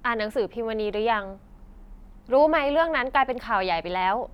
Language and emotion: Thai, neutral